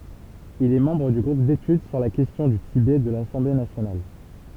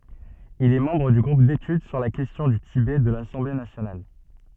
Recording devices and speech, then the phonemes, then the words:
temple vibration pickup, soft in-ear microphone, read sentence
il ɛ mɑ̃bʁ dy ɡʁup detyd syʁ la kɛstjɔ̃ dy tibɛ də lasɑ̃ble nasjonal
Il est membre du groupe d'études sur la question du Tibet de l'Assemblée nationale.

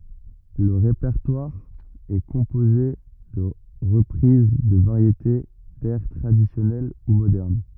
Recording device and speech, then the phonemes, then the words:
rigid in-ear microphone, read sentence
lə ʁepɛʁtwaʁ ɛ kɔ̃poze də ʁəpʁiz də vaʁjete dɛʁ tʁadisjɔnɛl u modɛʁn
Le répertoire est composé de reprises de variétés, d'airs traditionnels ou modernes.

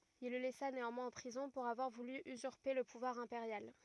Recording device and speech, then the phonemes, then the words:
rigid in-ear microphone, read sentence
il lə lɛsa neɑ̃mwɛ̃z ɑ̃ pʁizɔ̃ puʁ avwaʁ vuly yzyʁpe lə puvwaʁ ɛ̃peʁjal
Il le laissa néanmoins en prison pour avoir voulu usurper le pouvoir impérial.

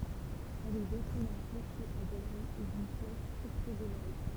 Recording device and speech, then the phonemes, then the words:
temple vibration pickup, read sentence
ɛl ɛ dote dœ̃ kloʃe a ɡalʁi e dyn flɛʃ ɔktoɡonal
Elle est dotée d'un clocher à galerie et d'une flèche octogonale.

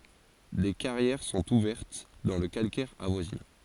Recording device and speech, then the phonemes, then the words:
forehead accelerometer, read sentence
de kaʁjɛʁ sɔ̃t uvɛʁt dɑ̃ lə kalkɛʁ avwazinɑ̃
Des carrières sont ouvertes dans le calcaire avoisinant.

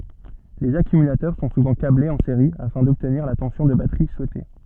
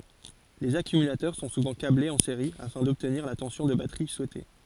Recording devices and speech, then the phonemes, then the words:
soft in-ear microphone, forehead accelerometer, read sentence
lez akymylatœʁ sɔ̃ suvɑ̃ kablez ɑ̃ seʁi afɛ̃ dɔbtniʁ la tɑ̃sjɔ̃ də batʁi suɛte
Les accumulateurs sont souvent câblés en série afin d'obtenir la tension de batterie souhaitée.

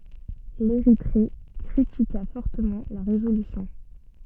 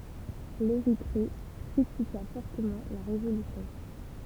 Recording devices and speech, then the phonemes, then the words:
soft in-ear microphone, temple vibration pickup, read sentence
leʁitʁe kʁitika fɔʁtəmɑ̃ la ʁezolysjɔ̃
L'Érythrée critiqua fortement la résolution.

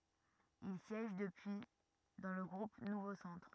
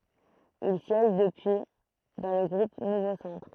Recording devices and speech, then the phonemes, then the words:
rigid in-ear microphone, throat microphone, read sentence
il sjɛʒ dəpyi dɑ̃ lə ɡʁup nuvo sɑ̃tʁ
Il siège depuis dans le groupe Nouveau Centre.

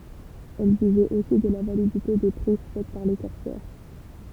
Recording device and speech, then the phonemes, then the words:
temple vibration pickup, read sentence
ɛl ʒyʒɛt osi də la validite de pʁiz fɛt paʁ le kɔʁsɛʁ
Elle jugeait aussi de la validité des prises faites par les corsaires.

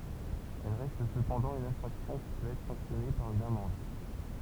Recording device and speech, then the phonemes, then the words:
temple vibration pickup, read sentence
ɛl ʁɛst səpɑ̃dɑ̃ yn ɛ̃fʁaksjɔ̃ ki pøt ɛtʁ sɑ̃ksjɔne paʁ yn amɑ̃d
Elles restent cependant une infraction qui peut être sanctionnée par une amende.

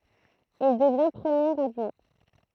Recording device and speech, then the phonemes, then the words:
throat microphone, read sentence
il dəvjɛ̃ pʁəmjeʁ adʒwɛ̃
Il devient premier adjoint.

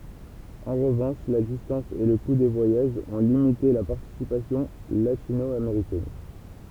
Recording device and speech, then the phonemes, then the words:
temple vibration pickup, read sentence
ɑ̃ ʁəvɑ̃ʃ la distɑ̃s e lə ku de vwajaʒz ɔ̃ limite la paʁtisipasjɔ̃ latino ameʁikɛn
En revanche, la distance et le coût des voyages ont limité la participation latino-américaine.

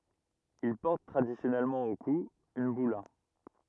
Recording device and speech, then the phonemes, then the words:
rigid in-ear microphone, read sentence
il pɔʁt tʁadisjɔnɛlmɑ̃ o ku yn byla
Il porte traditionnellement au cou une bulla.

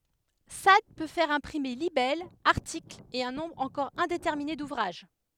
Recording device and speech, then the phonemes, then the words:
headset microphone, read sentence
sad pø fɛʁ ɛ̃pʁime libɛlz aʁtiklz e œ̃ nɔ̃bʁ ɑ̃kɔʁ ɛ̃detɛʁmine duvʁaʒ
Sade peut faire imprimer libelles, articles, et un nombre encore indéterminé d'ouvrages.

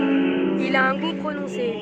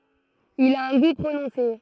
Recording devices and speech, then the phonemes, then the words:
soft in-ear microphone, throat microphone, read sentence
il a œ̃ ɡu pʁonɔ̃se
Il a un goût prononcé.

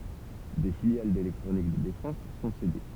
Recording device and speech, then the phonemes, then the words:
temple vibration pickup, read sentence
de filjal delɛktʁonik də defɑ̃s sɔ̃ sede
Des filiales d’électronique de défense sont cédées.

